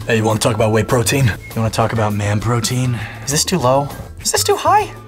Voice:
Deep voice